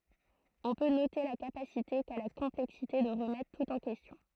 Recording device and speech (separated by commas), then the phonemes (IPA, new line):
throat microphone, read sentence
ɔ̃ pø note la kapasite ka la kɔ̃plɛksite də ʁəmɛtʁ tut ɑ̃ kɛstjɔ̃